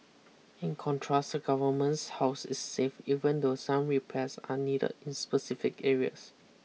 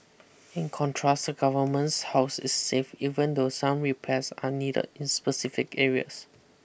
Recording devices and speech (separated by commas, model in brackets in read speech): mobile phone (iPhone 6), boundary microphone (BM630), read sentence